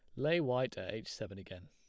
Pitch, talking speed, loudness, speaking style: 110 Hz, 245 wpm, -37 LUFS, plain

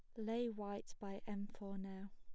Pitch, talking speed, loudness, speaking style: 200 Hz, 185 wpm, -47 LUFS, plain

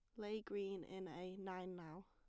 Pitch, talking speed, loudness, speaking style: 190 Hz, 195 wpm, -49 LUFS, plain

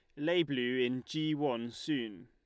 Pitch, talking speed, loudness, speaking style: 145 Hz, 175 wpm, -34 LUFS, Lombard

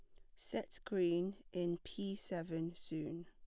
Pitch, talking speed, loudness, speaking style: 175 Hz, 125 wpm, -42 LUFS, plain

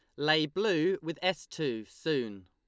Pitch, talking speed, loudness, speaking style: 150 Hz, 160 wpm, -31 LUFS, Lombard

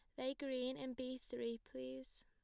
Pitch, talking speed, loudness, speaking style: 255 Hz, 175 wpm, -46 LUFS, plain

